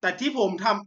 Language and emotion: Thai, angry